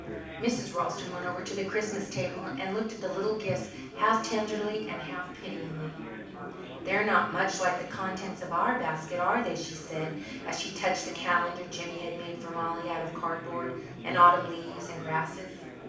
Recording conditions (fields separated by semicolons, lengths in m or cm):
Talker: one person; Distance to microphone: 5.8 m; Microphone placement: far; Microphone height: 1.8 m; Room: medium-sized (5.7 m by 4.0 m); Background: babble